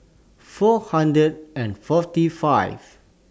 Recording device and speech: standing microphone (AKG C214), read sentence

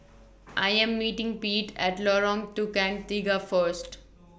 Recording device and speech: boundary microphone (BM630), read sentence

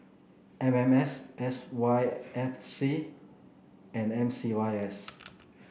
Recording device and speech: boundary microphone (BM630), read sentence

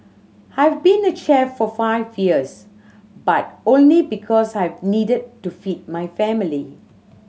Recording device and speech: mobile phone (Samsung C7100), read sentence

